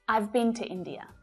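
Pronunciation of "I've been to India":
In 'I've been to India', 'have' is contracted to 'I've' and is unstressed.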